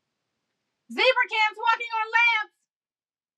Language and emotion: English, neutral